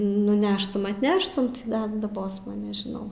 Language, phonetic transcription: Lithuanian, nuˈneštum atˈneštum ˈda daˈbosma nežiˈnau

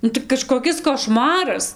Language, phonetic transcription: Lithuanian, ˈnu tai kažkoˈkis koˈšmaras

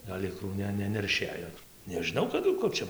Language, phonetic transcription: Lithuanian, gal' ˈikrų ˈne nenerˈšėjo nežiˈnau kaˈdu ˈkur čia

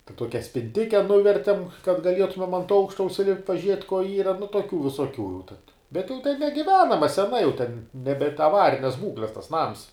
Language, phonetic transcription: Lithuanian, ten ˈtuokia spinˈtike ˈnuvertem kad gaˈlietumem ant ˈaukšta užsiˈlipt' paˈžiet' ko ˈyra nu tuoˈkių visuoˈkių jau tad bet jau ten negiˈvenama seˈna jau ten neˈbent aˈvarines ˈbūkles tas ˈnams

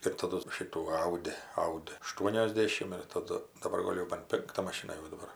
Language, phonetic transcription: Lithuanian, ir taˈdu ˈšitų ˈaudi ˈaudi aˈštuoniosˌdėšim ir taˈdu daˈbar ˈgol' jau ban ˈpinkta maˈšina jau daˈbar

